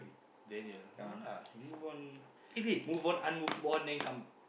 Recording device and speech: boundary microphone, conversation in the same room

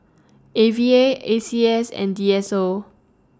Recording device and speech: standing microphone (AKG C214), read sentence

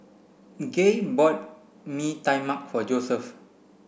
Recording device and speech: boundary microphone (BM630), read sentence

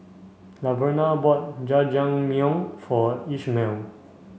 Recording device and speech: mobile phone (Samsung C5), read sentence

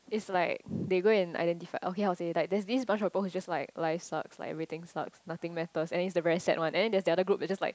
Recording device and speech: close-talking microphone, conversation in the same room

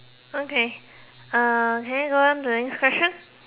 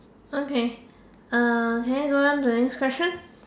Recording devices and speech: telephone, standing microphone, conversation in separate rooms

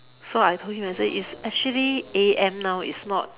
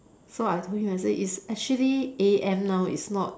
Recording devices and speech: telephone, standing microphone, conversation in separate rooms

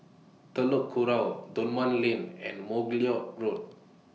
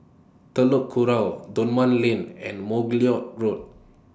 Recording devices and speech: mobile phone (iPhone 6), standing microphone (AKG C214), read sentence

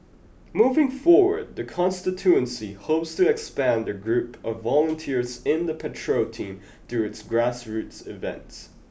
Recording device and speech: boundary microphone (BM630), read sentence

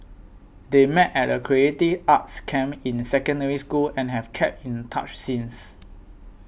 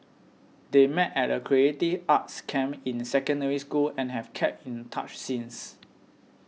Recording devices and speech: boundary microphone (BM630), mobile phone (iPhone 6), read sentence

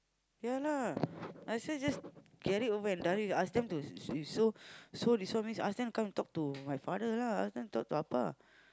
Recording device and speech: close-talking microphone, conversation in the same room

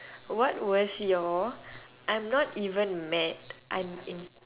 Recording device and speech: telephone, conversation in separate rooms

